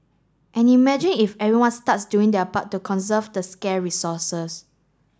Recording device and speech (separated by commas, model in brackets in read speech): standing microphone (AKG C214), read sentence